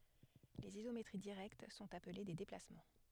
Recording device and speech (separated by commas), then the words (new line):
headset microphone, read sentence
Les isométries directes sont appelés des déplacements.